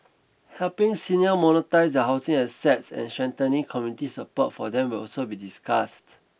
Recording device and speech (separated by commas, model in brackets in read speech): boundary microphone (BM630), read sentence